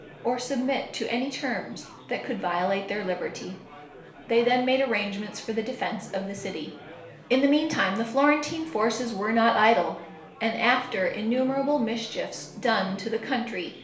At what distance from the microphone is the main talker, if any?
1.0 m.